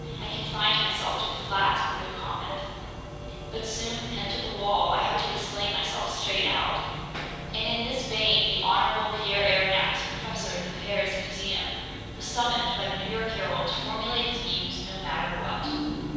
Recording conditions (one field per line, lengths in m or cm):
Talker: one person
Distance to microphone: 7.1 m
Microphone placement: far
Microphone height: 1.7 m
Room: very reverberant, large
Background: music